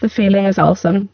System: VC, spectral filtering